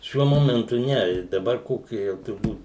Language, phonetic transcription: Lithuanian, ˈšiuo ˈmomentu ˈne ˈdabar ˈkoki jau turˈbūt

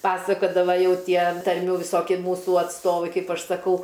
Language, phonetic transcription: Lithuanian, ˈpasakodava ˈjau ˈtie tarˈmių viˈsoki ˈmūsu atsˈtovai ˈkaip ˈaš saˈkau

